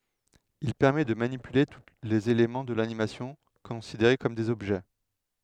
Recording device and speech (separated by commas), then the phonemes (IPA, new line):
headset microphone, read sentence
il pɛʁmɛ də manipyle tu lez elemɑ̃ də lanimasjɔ̃ kɔ̃sideʁe kɔm dez ɔbʒɛ